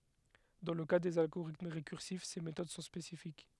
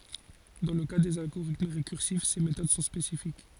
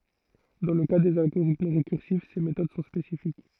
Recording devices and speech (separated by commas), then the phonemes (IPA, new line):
headset microphone, forehead accelerometer, throat microphone, read sentence
dɑ̃ lə ka dez alɡoʁitm ʁekyʁsif se metod sɔ̃ spesifik